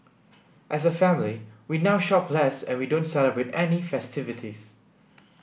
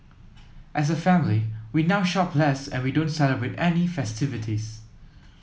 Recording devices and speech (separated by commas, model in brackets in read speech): boundary microphone (BM630), mobile phone (iPhone 7), read sentence